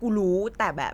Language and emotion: Thai, frustrated